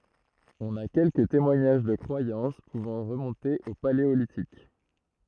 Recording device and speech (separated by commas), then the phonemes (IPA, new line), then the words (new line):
throat microphone, read sentence
ɔ̃n a kɛlkə temwaɲaʒ də kʁwajɑ̃s puvɑ̃ ʁəmɔ̃te o paleolitik
On a quelques témoignages de croyances pouvant remonter au Paléolithique.